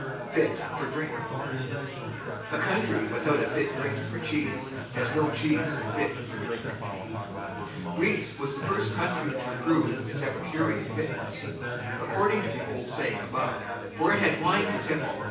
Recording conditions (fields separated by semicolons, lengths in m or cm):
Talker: one person; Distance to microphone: 9.8 m; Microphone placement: far; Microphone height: 1.8 m; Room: large; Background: babble